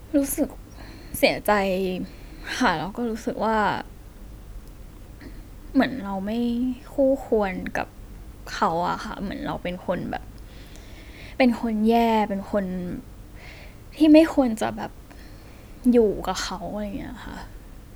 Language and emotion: Thai, sad